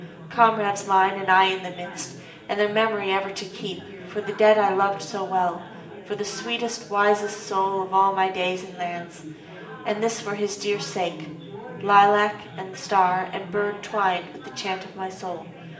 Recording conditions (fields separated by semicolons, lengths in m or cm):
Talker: one person; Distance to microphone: 1.8 m; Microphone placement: close; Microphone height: 1.0 m; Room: large; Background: babble